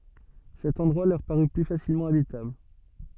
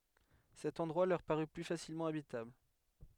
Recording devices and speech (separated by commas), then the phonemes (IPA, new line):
soft in-ear microphone, headset microphone, read sentence
sɛt ɑ̃dʁwa lœʁ paʁy ply fasilmɑ̃ abitabl